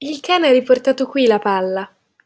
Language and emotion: Italian, neutral